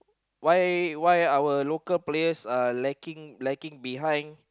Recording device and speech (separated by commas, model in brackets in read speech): close-talking microphone, conversation in the same room